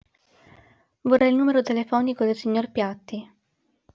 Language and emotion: Italian, neutral